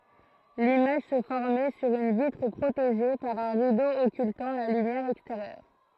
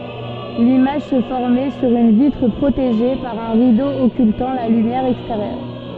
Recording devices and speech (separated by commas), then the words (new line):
throat microphone, soft in-ear microphone, read sentence
L’image se formait sur une vitre protégée par un rideau occultant la lumière extérieure.